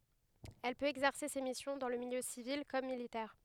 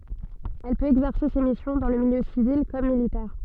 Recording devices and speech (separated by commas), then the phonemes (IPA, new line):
headset microphone, soft in-ear microphone, read sentence
ɛl pøt ɛɡzɛʁse se misjɔ̃ dɑ̃ lə miljø sivil kɔm militɛʁ